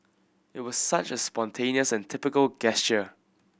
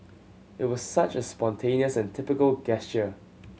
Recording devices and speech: boundary microphone (BM630), mobile phone (Samsung C7100), read sentence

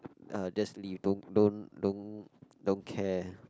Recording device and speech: close-talking microphone, conversation in the same room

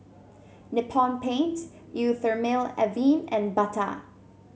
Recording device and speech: mobile phone (Samsung C7), read sentence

